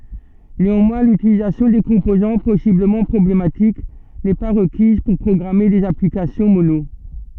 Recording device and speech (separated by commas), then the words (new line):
soft in-ear microphone, read sentence
Néanmoins, l'utilisation des composants possiblement problématiques n'est pas requise pour programmer des applications Mono.